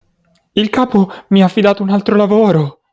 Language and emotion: Italian, fearful